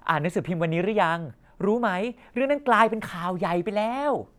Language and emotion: Thai, happy